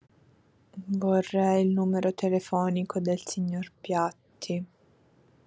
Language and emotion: Italian, sad